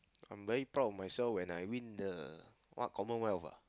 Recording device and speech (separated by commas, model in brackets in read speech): close-talking microphone, conversation in the same room